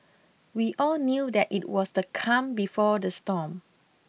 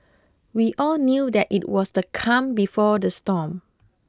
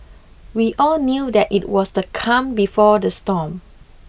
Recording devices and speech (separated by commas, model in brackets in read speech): mobile phone (iPhone 6), close-talking microphone (WH20), boundary microphone (BM630), read sentence